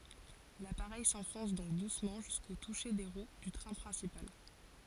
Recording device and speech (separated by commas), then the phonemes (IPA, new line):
forehead accelerometer, read sentence
lapaʁɛj sɑ̃fɔ̃s dɔ̃k dusmɑ̃ ʒysko tuʃe de ʁw dy tʁɛ̃ pʁɛ̃sipal